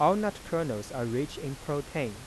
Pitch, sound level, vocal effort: 140 Hz, 89 dB SPL, soft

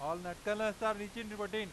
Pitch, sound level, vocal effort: 210 Hz, 98 dB SPL, loud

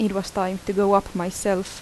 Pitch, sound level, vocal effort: 195 Hz, 79 dB SPL, normal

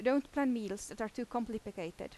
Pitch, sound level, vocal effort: 225 Hz, 86 dB SPL, loud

